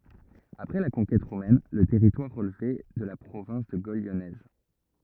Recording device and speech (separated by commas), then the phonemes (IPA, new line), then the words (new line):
rigid in-ear microphone, read sentence
apʁɛ la kɔ̃kɛt ʁomɛn lə tɛʁitwaʁ ʁəlvɛ də la pʁovɛ̃s də ɡol ljɔnɛz
Après la conquête romaine le territoire relevait de la province de Gaule lyonnaise.